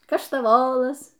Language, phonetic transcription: Lithuanian, kaštaˈvolas

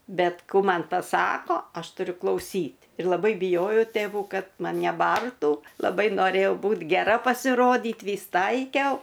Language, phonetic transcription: Lithuanian, ˈbet ˈkų ˈman paˈsako ˈaš tuˈriu klauˈsyt' ir laˈbai biˈjojau tėˈvų ˈkad ˈman' neˈbartų laˈbai noˈrėjau ˈbūt geˈra pasiˈrodyt ˈvys ˈtaikiau

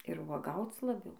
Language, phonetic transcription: Lithuanian, ir vuoˈgauc laˈbiau

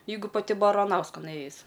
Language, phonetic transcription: Lithuanian, ˈjeigu paˈti baraˈnauskan ˈėjis

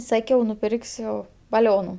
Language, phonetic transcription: Lithuanian, ˈsakiau nuˈpirksiu baˈlionu

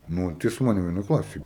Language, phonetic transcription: Lithuanian, ˈnu tai su ˈmanim vieˈnoj ˈklasėj

